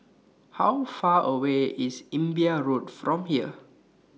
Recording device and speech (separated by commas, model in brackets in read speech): mobile phone (iPhone 6), read sentence